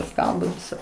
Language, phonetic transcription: Lithuanian, ˈskaldo ˈvisa

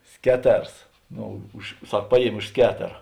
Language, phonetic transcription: Lithuanian, ˈskeˌters ˈno už ˈsak ˈpaˌjiemė už ˈsketera

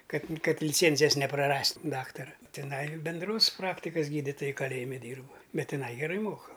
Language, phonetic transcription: Lithuanian, kad ˈkad liˈcėnzijas nepraˈrast' ˈdaktara tiˈnai benˈdros ˈpraktikas ˈgyditoja kaˈlėjimi ˈdyrb ˈbet tiˈnai geˈrai ˈmoka

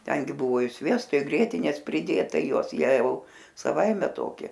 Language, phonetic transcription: Lithuanian, ˈtengi ˈbuvo i ˈsviesto i ˈgrietinės priˈdėta i ˈjuos ˈjie au saˈvaime ˈtoki

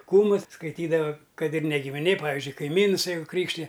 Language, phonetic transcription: Lithuanian, ˈkūmus skaiˈtydava ˈkad ir ne gimiˈnė paˈvizdžiui kaiˈmyns ˈjeigu ˈkrykštija

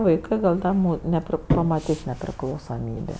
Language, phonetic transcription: Lithuanian, vaiˈkɜ gal' ˈda mū neˈpri pamaˈtis nepriklausoˈmybė

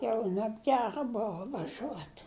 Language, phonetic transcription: Lithuanian, ˈjau nebˈgera ˈbova vaˈžiuot'

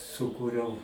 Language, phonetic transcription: Lithuanian, suˈkūriau

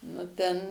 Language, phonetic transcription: Lithuanian, nu ˈten

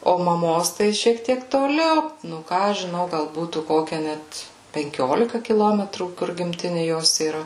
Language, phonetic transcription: Lithuanian, o maˈmos ˈtai šiek ˈtiek toˈliau nu ˈką aš žiˈnau gal ˈbūtų ˈkokia ˈnet penˈkiolika kiˈlometrų kur gimˈtini ˈjos yˈra

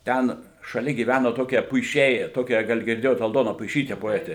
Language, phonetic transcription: Lithuanian, ˈten šaˈlia gyˈvæno ˈtokie puiˈšiai ˈtokią ˈgal girˈdėjot alˈdona puiˈšyte poˈetė

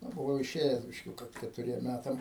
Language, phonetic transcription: Lithuanian, ˈnu buˈvau iˈšėjes bišˈkiūka ketuˈriem ˈmætam

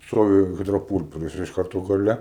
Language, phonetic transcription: Lithuanian, ˈstovi ˌhidroˈpūlperis iš ˈkarto gaˈle

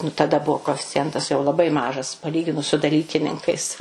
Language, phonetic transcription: Lithuanian, nu taˈda ˈbuo koeficiˈjentas jau laˈbai ˈmažas paˈlyginus su daˈlykininkais

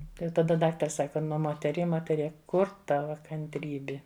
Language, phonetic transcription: Lithuanian, tai jau taˈda ˈdaktars ˈsaka ˈnu moteˈrie moteˈrie ˈkur ˈtava kantˈrybi

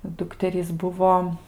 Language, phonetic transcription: Lithuanian, ˈdukterys ˈbuvo

